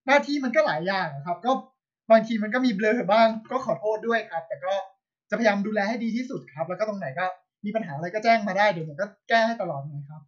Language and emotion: Thai, angry